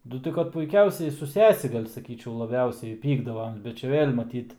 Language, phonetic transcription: Lithuanian, nu ˈtai kad puiˈkiausiai su ˈsesi ˈgal' saˈkyčiau laˈbiausiai ˈpykdavom bet čia ˈvėl' maˈtyt

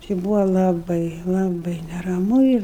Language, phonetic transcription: Lithuanian, či ˈbūva laˈbai laˈbai neraˈmu ir

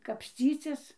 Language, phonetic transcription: Lithuanian, kapsˈcycis

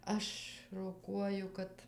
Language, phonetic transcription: Lithuanian, ˈaš roˈkuoju ˈkad

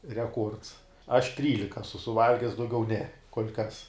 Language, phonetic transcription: Lithuanian, reˈkuords aš ˈtrylika asu suˈvalges dauˈgiau ne kol' kas

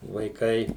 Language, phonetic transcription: Lithuanian, vaiˈkai

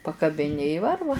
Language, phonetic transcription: Lithuanian, pakabiˈni i ˈvarva

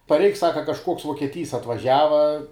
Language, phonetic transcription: Lithuanian, parˈeik ˈsaka kažˈkuoks vuokieˈtys atvaˈžiava

